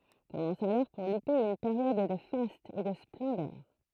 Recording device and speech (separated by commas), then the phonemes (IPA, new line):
throat microphone, read sentence
kɔmɑ̃s alɔʁ puʁ lype yn peʁjɔd də fastz e də splɑ̃dœʁ